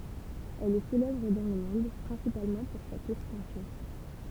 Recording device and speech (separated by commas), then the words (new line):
temple vibration pickup, read sentence
Elle est célèbre dans le monde principalement pour sa tour penchée.